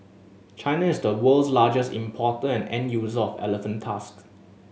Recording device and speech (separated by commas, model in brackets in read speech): mobile phone (Samsung S8), read sentence